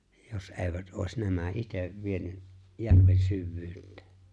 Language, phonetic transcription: Finnish, jos '’e̬e̬ivät '’òis 'nämä "’itev 'vieny , 'järven 'syvvyyt̆tᴇᴇ .
- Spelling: jos eivät olisi nämä itse vienyt järven syvyyteen

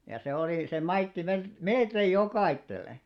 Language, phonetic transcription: Finnish, ja se olì , se 'maitti mel- "melkeij 'jokaittel̆le .
- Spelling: ja se oli se maittoi - melkein jokaiselle

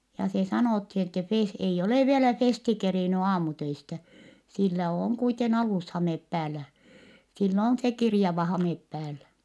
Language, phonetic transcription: Finnish, ja se sanòthi ettɛ Fes- , ei olè vielä Festi kerìny aamutöistä , sillä ooŋ kuiten alushamep päällä , sill ‿on se kirjava hamep päällä .
- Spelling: ja se sanottiin että - ei ole vielä Festi kerinnyt aamutöistä sillä on kuiten alushame päällä sillä on se kirjava hame päällä

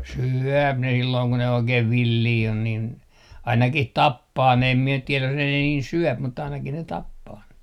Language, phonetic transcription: Finnish, syöp ne sillooŋ ko ne 'oikeiv "villii on niin , 'ainakih "tappaa ne em 'mie nyt 'tieläj jos ne 'niin "syöp mut 'ainaki ne "tappaa ne .
- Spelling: syö ne silloin kun ne oikein villejä on niin ainakin tappaa ne en minä nyt tiedä jos ne niin syö mutta ainakin ne tappaa ne

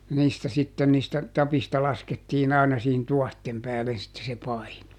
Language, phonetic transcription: Finnish, ja ˈniistä sitten niistä , ˈtapista ˈlaskettiin ‿ài̮na siihin ˈtuɔhtem ˈpäälen sitte se ˈpaino .
- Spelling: ja niistä sitten niistä tapeista laskettiin aina siihen tuohien päälle sitten se paino

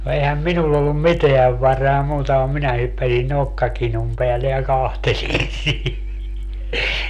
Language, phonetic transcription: Finnish, no 'eihäm "minull ‿ollum "miteäv 'varaa 'muuta vam 'minä (hyppäsin) "nokkakinum peälle ja 'kahtelin 'sii - .
- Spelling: no eihän minulla ollut mitään varaa muuta vaan minä hyppäsin nokkakinun päälle ja katselin -

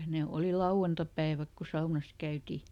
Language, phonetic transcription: Finnish, ˈne ˈòli "lauʷantapäiväk ku ˈsaunas ˈkäyti .
- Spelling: ne oli lauantaipäivät kun saunassa käytiin

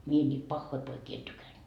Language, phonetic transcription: Finnish, mie ńiit "pahhoi 'poikii en 'tykänD .
- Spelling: minä niitä pahoja poikia en tykännyt

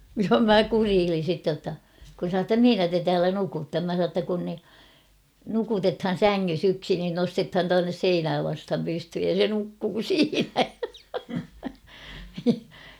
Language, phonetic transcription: Finnish, ja "mä "kuriilin̬ sitte ʲotta , kun sa ‿tta » "mihinä te 'täälä "nukutta ? « 'mä sa ‿tta kun ni , 'nukutethan̬ "säŋŋys ‿'yksi nin 'nostethan 'tuannes "seinää vastham 'pysthyj ja "se 'nukkuu "siinä .
- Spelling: ja minä kureilin sitten jotta kun sanoin jotta missä te täällä nukutte minä sanoin jotta kun niin nukutetaan sängyssä yksi niin nostetaan tuonne seinää vasten pystyyn ja se nukkuu siinä

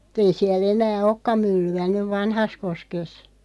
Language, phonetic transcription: Finnish, [mut]'tei siäl 'enää "okka 'mylly₍ä nyv "Vanhaskoskes .
- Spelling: mutta tei siellä enää olekaan myllyä nyt Vanhassakoskessa

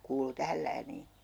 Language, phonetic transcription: Finnish, 'kuulu "tähäl läänii .
- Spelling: kuului tähän lääniin

